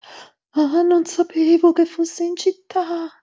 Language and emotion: Italian, fearful